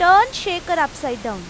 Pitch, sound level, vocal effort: 340 Hz, 97 dB SPL, very loud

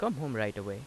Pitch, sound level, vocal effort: 110 Hz, 85 dB SPL, normal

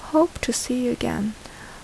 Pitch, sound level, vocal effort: 250 Hz, 71 dB SPL, soft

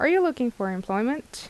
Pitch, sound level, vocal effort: 235 Hz, 81 dB SPL, normal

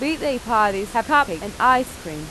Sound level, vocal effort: 77 dB SPL, soft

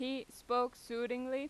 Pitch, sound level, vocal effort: 250 Hz, 91 dB SPL, loud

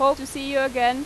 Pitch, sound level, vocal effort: 270 Hz, 91 dB SPL, loud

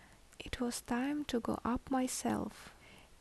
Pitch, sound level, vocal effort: 250 Hz, 70 dB SPL, soft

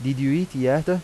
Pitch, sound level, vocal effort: 135 Hz, 87 dB SPL, normal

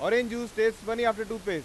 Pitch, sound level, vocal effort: 225 Hz, 101 dB SPL, very loud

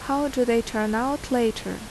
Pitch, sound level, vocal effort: 245 Hz, 79 dB SPL, normal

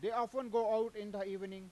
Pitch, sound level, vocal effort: 220 Hz, 100 dB SPL, very loud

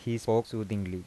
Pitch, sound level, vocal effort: 110 Hz, 83 dB SPL, soft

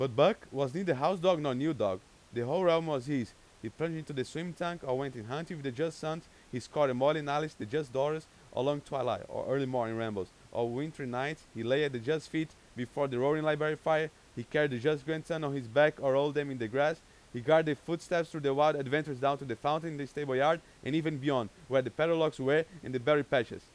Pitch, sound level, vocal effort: 145 Hz, 95 dB SPL, very loud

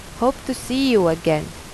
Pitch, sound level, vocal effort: 215 Hz, 84 dB SPL, normal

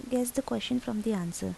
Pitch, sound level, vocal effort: 240 Hz, 78 dB SPL, soft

